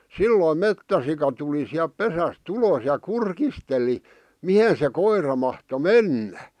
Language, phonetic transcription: Finnish, silloim "mettäsika tuli siäp 'pesäs"t ‿ulos ja "kurkisteli , "mihe se 'koira mahto "mennä .
- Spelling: silloin metsäsika tuli sieltä pesästä ulos ja kurkisteli mihin se koira mahtoi mennä

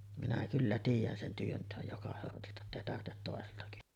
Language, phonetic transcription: Finnish, minä kyllä 'tiij̆jän sen 'työntèoj 'joka sortilta ettèi 'tartet tòesilta (kysyvä) .
- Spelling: minä kyllä tiedän sen työnteon joka sortilta että ei tarvitse toisilta kysyä

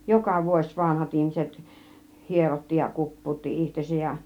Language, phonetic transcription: Finnish, joka vuoś 'vanahat 'ihmiset , "hierotti ja "kup̀puutti 'ihtesäj ja .
- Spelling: joka vuosi vanhat ihmiset hierotti ja kuppautti itsensä ja

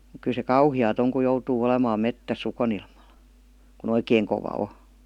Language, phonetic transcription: Finnish, mᵘk kyl se "kauhi₍aat ‿oŋ ku 'joutuu 'olemaam "mettäsS ‿ukonilmal , ku"n ‿oikeeŋ kova 'o .
- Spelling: mutta kyllä se kauheaa on kun joutuu olemaan metsässä ukonilmalla kun oikein kova on

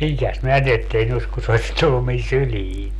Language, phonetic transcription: Finnish, 'miŋkäs ('minä sillet tehny oś-) ku se oś 'tullu min "syliin .
- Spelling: minkäs minä sille tehnyt olisin kun se olisi tullut minun syliin

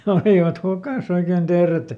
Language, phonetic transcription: Finnish, ja ˈolìvat ˈhukàˈs ‿oiken "Deeret !
- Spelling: ja olivat hukassa oikein teeret

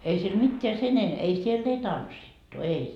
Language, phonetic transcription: Finnish, ei siel "mitteä sen en- , ei siell ‿ei "tanssittu 'ei .
- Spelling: ei siellä mitään sen - ei siellä ei tanssittu ei

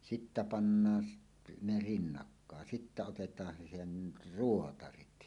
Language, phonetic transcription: Finnish, 'sittä 'pannaan s- , ne "rinnakkàen 'sittä otet̀aan se 'sen , "ruotarit .
- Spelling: sitten pannaan - ne rinnakkain sitten otetaan se sen ruotarit

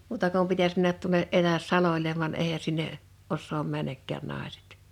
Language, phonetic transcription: Finnish, 'muuta kum 'pitäs männät tuᴏne’ '’etäs 'saloĺev van 'èihä sinne , 'ossoom 'männäkkään 'nàesᴇt .
- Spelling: muuta kuin pitäisi mennä tuonne etäs salolle vaan eihän sinne osaa mennäkään naiset

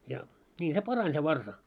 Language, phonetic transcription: Finnish, ja , ńii se "parań se 'varsa .
- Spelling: ja niin se parani se varsa

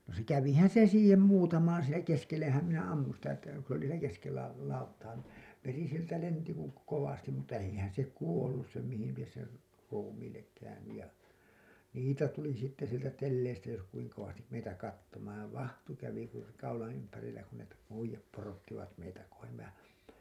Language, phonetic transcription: Finnish, no se 'kävihän̬ se siihem 'muutamaan siinä , 'keskellehäm minä ammun sitä että ku s ‿oli siinä 'keskellä , 'lauttaa ni , 'veri sieltä "lenti ku , kovastim mutta eihän se 'kuollus sem mihil lies ser , 'ruumiillek käynyj ja , niitä tuli sitte sieltä telleistä jos kuiŋ kovastim meitä 'kattomaan̬ , 'vahtu kävi kur- , kaulaa̰ ympärillä kun ne po- , 'uij̆jap porottivat meitä kohem mehää̰ ,.
- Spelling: no se kävihän se siihen muutamaan siinä keskellehän minä ammuin sitä että kun se oli siinä keskellä lauttaa niin veri sieltä lensi kuin kovasti mutta eihän se kuollut sen mihin lie sen ruumiille käynyt ja niitä tuli sitten sieltä telleistä jos kuinka kovasti meitä katsomaan vaahto kävi - kaulan ympärillä kun ne - uida porottivat meitä kohden mehän

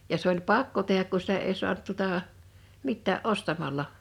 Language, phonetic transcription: Finnish, ja se ‿oĺ "pakko 'teh̀äk ku 'sitä ei 'su̬ant tuᵒtà , "mittää’ "’ostamalla .
- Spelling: ja se oli pakko tehdä kun sitä ei saanut tuota mitään ostamalla

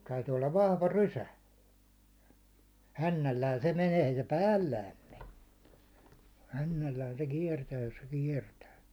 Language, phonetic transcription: Finnish, täytyy ollav 'vahva "rysä , 'hännällään se menee ei se "päällääm me , 'hännällään se 'kiɛrtää jos se 'kiɛrtää .
- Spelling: täytyy olla vahva rysä hännällään se menee ei se päällään mene hännällään se kiertää jos se kiertää

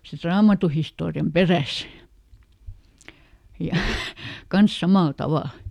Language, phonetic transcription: Finnish, sit ˈraamatuhistoori₍am "peräs , ja , ˈkans ˈsamàl ˈtavàl .
- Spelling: sitten raamattuhistorian perässä ja kanssa samalla tavalla

